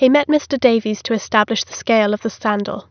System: none